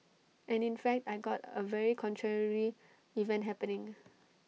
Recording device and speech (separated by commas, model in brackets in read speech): mobile phone (iPhone 6), read sentence